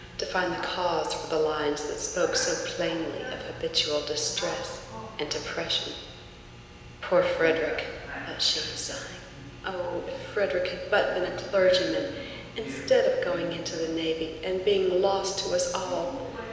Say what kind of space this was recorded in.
A large, echoing room.